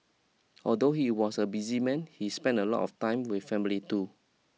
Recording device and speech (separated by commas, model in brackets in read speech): mobile phone (iPhone 6), read sentence